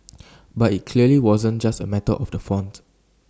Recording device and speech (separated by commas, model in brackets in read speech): standing microphone (AKG C214), read sentence